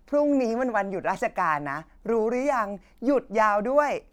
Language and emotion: Thai, happy